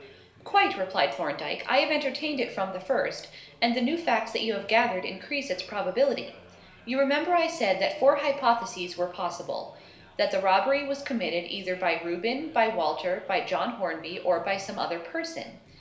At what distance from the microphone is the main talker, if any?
1.0 m.